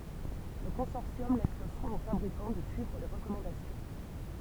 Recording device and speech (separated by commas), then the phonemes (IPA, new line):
temple vibration pickup, read sentence
lə kɔ̃sɔʁsjɔm lɛs lə swɛ̃ o fabʁikɑ̃ də syivʁ le ʁəkɔmɑ̃dasjɔ̃